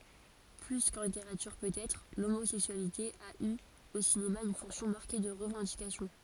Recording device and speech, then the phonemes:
forehead accelerometer, read sentence
ply kɑ̃ liteʁatyʁ pøtɛtʁ lomozɛksyalite a y o sinema yn fɔ̃ksjɔ̃ maʁke də ʁəvɑ̃dikasjɔ̃

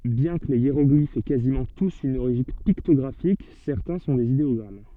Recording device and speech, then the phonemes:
soft in-ear microphone, read sentence
bjɛ̃ kə le jeʁɔɡlifz ɛ kazimɑ̃ tus yn oʁiʒin piktɔɡʁafik sɛʁtɛ̃ sɔ̃ dez ideɔɡʁam

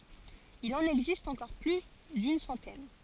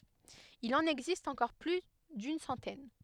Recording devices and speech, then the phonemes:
forehead accelerometer, headset microphone, read sentence
il ɑ̃n ɛɡzist ɑ̃kɔʁ ply dyn sɑ̃tɛn

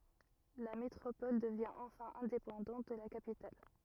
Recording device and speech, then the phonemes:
rigid in-ear microphone, read sentence
la metʁopɔl dəvjɛ̃ ɑ̃fɛ̃ ɛ̃depɑ̃dɑ̃t də la kapital

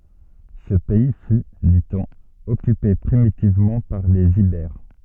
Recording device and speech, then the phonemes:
soft in-ear microphone, read sentence
sə pɛi fy di ɔ̃n ɔkype pʁimitivmɑ̃ paʁ lez ibɛʁ

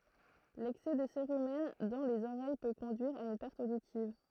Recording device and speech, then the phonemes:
throat microphone, read sentence
lɛksɛ də seʁymɛn dɑ̃ lez oʁɛj pø kɔ̃dyiʁ a yn pɛʁt oditiv

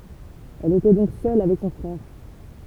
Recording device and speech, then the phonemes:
temple vibration pickup, read sentence
ɛl etɛ dɔ̃k sœl avɛk sɔ̃ fʁɛʁ

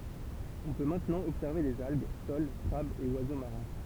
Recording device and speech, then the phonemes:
temple vibration pickup, read sentence
ɔ̃ pø mɛ̃tnɑ̃ ɔbsɛʁve dez alɡ sol kʁabz e wazo maʁɛ̃

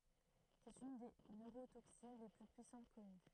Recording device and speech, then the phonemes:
throat microphone, read sentence
sɛt yn de nøʁotoksin le ply pyisɑ̃t kɔny

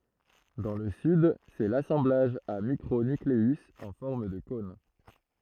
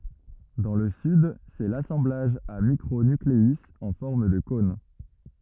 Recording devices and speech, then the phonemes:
throat microphone, rigid in-ear microphone, read sentence
dɑ̃ lə syd sɛ lasɑ̃blaʒ a mikʁo nykleyz ɑ̃ fɔʁm də kɔ̃n

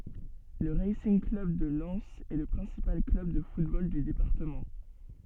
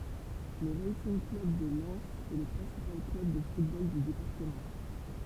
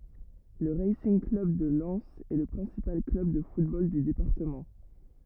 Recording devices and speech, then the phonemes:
soft in-ear microphone, temple vibration pickup, rigid in-ear microphone, read sentence
lə ʁasinɡ klœb də lɛnz ɛ lə pʁɛ̃sipal klœb də futbol dy depaʁtəmɑ̃

